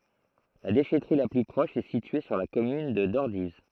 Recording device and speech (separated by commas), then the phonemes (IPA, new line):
throat microphone, read sentence
la deʃɛtʁi la ply pʁɔʃ ɛ sitye syʁ la kɔmyn də dɔʁdiv